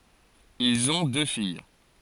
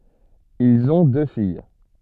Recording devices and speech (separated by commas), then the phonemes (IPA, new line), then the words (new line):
forehead accelerometer, soft in-ear microphone, read sentence
ilz ɔ̃ dø fij
Ils ont deux filles.